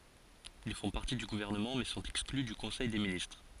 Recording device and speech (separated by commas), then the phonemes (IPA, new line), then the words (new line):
forehead accelerometer, read sentence
il fɔ̃ paʁti dy ɡuvɛʁnəmɑ̃ mɛ sɔ̃t ɛkskly dy kɔ̃sɛj de ministʁ
Ils font partie du gouvernement mais sont exclus du Conseil des ministres.